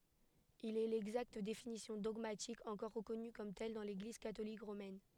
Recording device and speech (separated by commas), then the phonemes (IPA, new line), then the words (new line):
headset microphone, read sentence
il ɛ lɛɡzakt definisjɔ̃ dɔɡmatik ɑ̃kɔʁ ʁəkɔny kɔm tɛl dɑ̃ leɡliz katolik ʁomɛn
Il est l’exacte définition dogmatique encore reconnue comme telle dans l’Église catholique romaine.